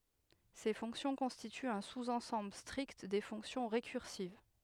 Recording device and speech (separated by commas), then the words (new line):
headset microphone, read sentence
Ces fonctions constituent un sous-ensemble strict des fonctions récursives.